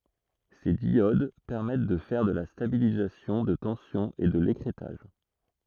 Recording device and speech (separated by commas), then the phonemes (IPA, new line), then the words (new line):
throat microphone, read sentence
se djod pɛʁmɛt də fɛʁ də la stabilizasjɔ̃ də tɑ̃sjɔ̃ e də lekʁɛtaʒ
Ces diodes permettent de faire de la stabilisation de tension et de l'écrêtage.